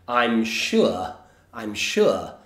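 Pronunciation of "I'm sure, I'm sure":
'I'm sure' is said in a super posh way that sounds almost too posh for most people.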